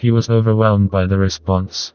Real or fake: fake